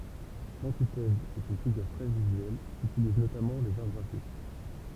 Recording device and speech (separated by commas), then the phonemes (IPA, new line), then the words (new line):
temple vibration pickup, read sentence
lɑ̃titɛz ɛt yn fiɡyʁ tʁɛ vizyɛl kytiliz notamɑ̃ lez aʁ ɡʁafik
L'antithèse est une figure très visuelle, qu'utilisent notamment les Arts graphiques.